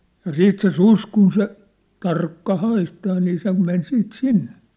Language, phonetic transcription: Finnish, ja "siit se "sus kun se , tarkka 'haistaa nii se men siit "sinne .
- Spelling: ja sitten se susi kun se tarkka haistaa niin se meni sitten sinne

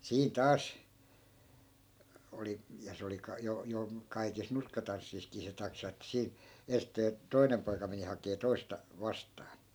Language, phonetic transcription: Finnish, 'siin 'taas , oli , ja 'se oli ka- , jo , 'jo , 'kaikis 'nurkkatanssiiskii 'se taksa että 'siin̬ , 'enstee , "toi̮nem poika meni 'hakee 'toista , 'vastaan .
- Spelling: siinä taas oli ja se oli - jo jo kaikissa nurkkatansseissakin se taksa että siinä ensisteen toinen poika meni hakemaan toista vastaan

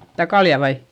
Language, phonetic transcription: Finnish, stä kalja vai ?
- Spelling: sitä kaljaa vai

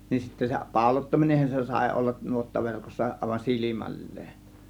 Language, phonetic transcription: Finnish, nin sittä se 'pàȯlottaminenhan se sàė 'ollan 'nuottaverkossa ˀàėvan "silimäl̀leen .
- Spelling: niin sitten se pauloittaminenhan se sai olla nuottaverkossa aivan silmälleen

